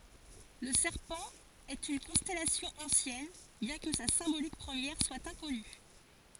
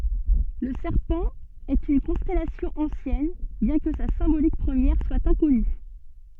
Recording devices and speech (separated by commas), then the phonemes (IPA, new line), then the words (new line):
forehead accelerometer, soft in-ear microphone, read sentence
lə sɛʁpɑ̃ ɛt yn kɔ̃stɛlasjɔ̃ ɑ̃sjɛn bjɛ̃ kə sa sɛ̃bolik pʁəmjɛʁ swa ɛ̃kɔny
Le Serpent est une constellation ancienne, bien que sa symbolique première soit inconnue.